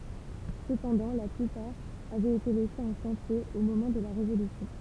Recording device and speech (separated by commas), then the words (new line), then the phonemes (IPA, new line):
temple vibration pickup, read sentence
Cependant la plupart avait été laissées en chantier au moment de la Révolution.
səpɑ̃dɑ̃ la plypaʁ avɛt ete lɛsez ɑ̃ ʃɑ̃tje o momɑ̃ də la ʁevolysjɔ̃